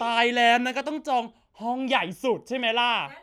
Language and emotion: Thai, happy